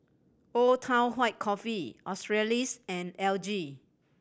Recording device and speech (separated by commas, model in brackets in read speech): boundary microphone (BM630), read sentence